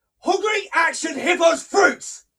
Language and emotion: English, angry